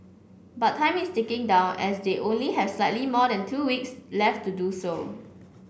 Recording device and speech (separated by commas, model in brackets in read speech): boundary microphone (BM630), read sentence